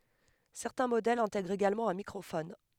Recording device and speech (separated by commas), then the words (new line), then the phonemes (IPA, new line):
headset microphone, read sentence
Certains modèles intègrent également un microphone.
sɛʁtɛ̃ modɛlz ɛ̃tɛɡʁt eɡalmɑ̃ œ̃ mikʁofɔn